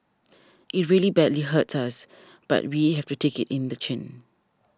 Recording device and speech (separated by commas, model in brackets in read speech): standing microphone (AKG C214), read sentence